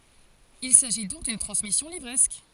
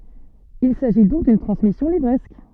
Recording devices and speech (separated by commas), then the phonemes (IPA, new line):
forehead accelerometer, soft in-ear microphone, read sentence
il saʒi dɔ̃k dyn tʁɑ̃smisjɔ̃ livʁɛsk